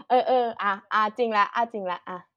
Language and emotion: Thai, happy